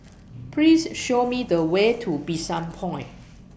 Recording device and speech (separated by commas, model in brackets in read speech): boundary microphone (BM630), read sentence